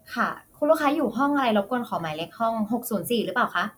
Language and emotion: Thai, neutral